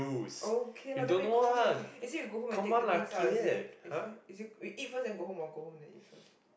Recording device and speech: boundary microphone, conversation in the same room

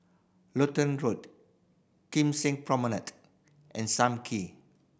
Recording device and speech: boundary microphone (BM630), read sentence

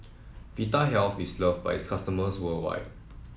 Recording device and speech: mobile phone (iPhone 7), read sentence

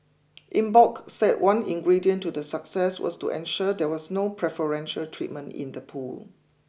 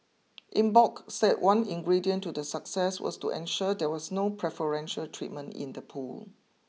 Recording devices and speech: boundary microphone (BM630), mobile phone (iPhone 6), read sentence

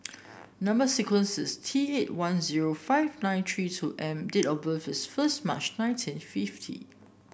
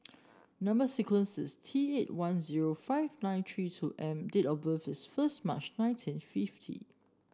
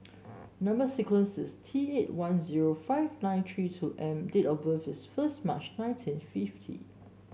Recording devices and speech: boundary microphone (BM630), standing microphone (AKG C214), mobile phone (Samsung S8), read sentence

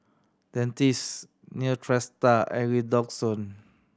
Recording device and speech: standing microphone (AKG C214), read sentence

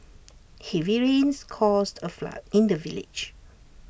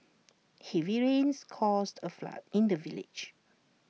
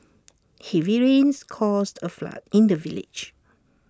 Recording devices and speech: boundary microphone (BM630), mobile phone (iPhone 6), standing microphone (AKG C214), read sentence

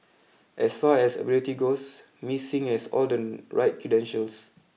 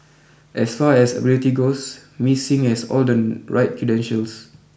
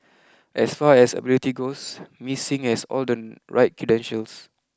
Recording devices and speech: mobile phone (iPhone 6), boundary microphone (BM630), close-talking microphone (WH20), read sentence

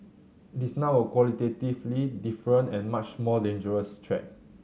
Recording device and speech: mobile phone (Samsung C7100), read sentence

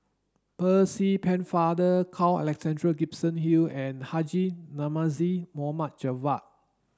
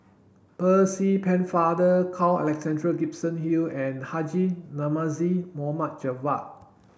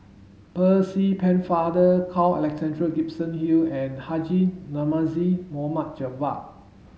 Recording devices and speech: standing microphone (AKG C214), boundary microphone (BM630), mobile phone (Samsung S8), read sentence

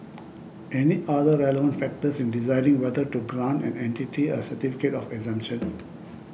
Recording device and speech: boundary microphone (BM630), read sentence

